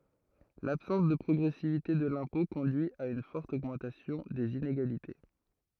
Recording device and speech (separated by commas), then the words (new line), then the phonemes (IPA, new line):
throat microphone, read sentence
L’absence de progressivité de l’impôt conduit à une forte augmentation des inégalités.
labsɑ̃s də pʁɔɡʁɛsivite də lɛ̃pɔ̃ kɔ̃dyi a yn fɔʁt oɡmɑ̃tasjɔ̃ dez ineɡalite